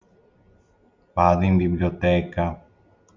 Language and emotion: Italian, sad